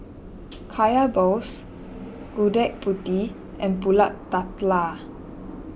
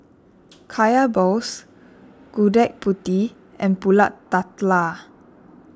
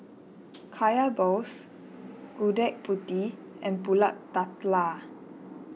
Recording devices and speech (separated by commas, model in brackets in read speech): boundary microphone (BM630), standing microphone (AKG C214), mobile phone (iPhone 6), read sentence